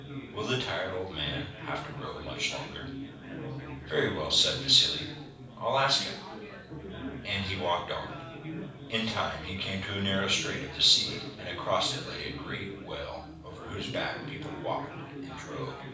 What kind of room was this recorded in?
A medium-sized room.